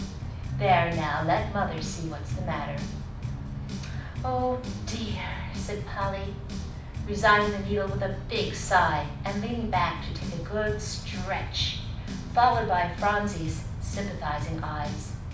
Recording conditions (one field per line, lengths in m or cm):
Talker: one person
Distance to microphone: 5.8 m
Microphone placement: far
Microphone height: 1.8 m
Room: medium-sized (5.7 m by 4.0 m)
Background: music